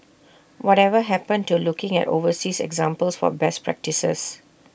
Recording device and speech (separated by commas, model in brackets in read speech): boundary microphone (BM630), read sentence